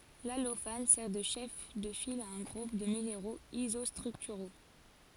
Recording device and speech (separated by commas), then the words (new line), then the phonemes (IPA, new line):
forehead accelerometer, read sentence
L’allophane sert de chef de file à un groupe de minéraux isostructuraux.
lalofan sɛʁ də ʃɛf də fil a œ̃ ɡʁup də mineʁoz izɔstʁyktyʁo